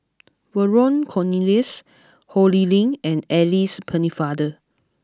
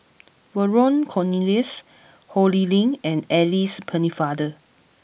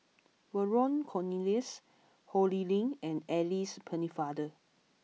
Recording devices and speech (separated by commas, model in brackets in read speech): close-talking microphone (WH20), boundary microphone (BM630), mobile phone (iPhone 6), read sentence